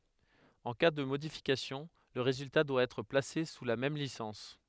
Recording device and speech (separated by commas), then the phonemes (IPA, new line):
headset microphone, read sentence
ɑ̃ ka də modifikasjɔ̃ lə ʁezylta dwa ɛtʁ plase su la mɛm lisɑ̃s